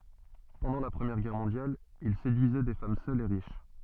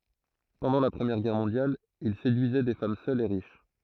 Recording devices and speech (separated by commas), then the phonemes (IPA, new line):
soft in-ear microphone, throat microphone, read sentence
pɑ̃dɑ̃ la pʁəmjɛʁ ɡɛʁ mɔ̃djal il sedyizɛ de fam sœlz e ʁiʃ